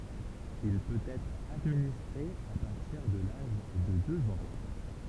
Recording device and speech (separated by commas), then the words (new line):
temple vibration pickup, read sentence
Il peut être administré à partir de l’âge de deux ans.